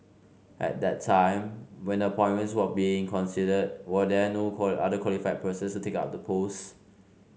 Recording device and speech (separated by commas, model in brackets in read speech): mobile phone (Samsung C5), read sentence